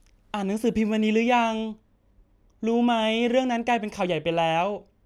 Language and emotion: Thai, neutral